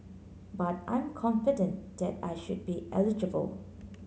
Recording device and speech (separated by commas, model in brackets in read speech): mobile phone (Samsung C9), read sentence